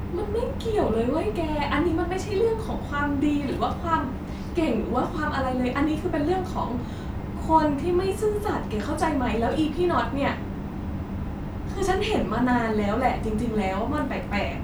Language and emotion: Thai, frustrated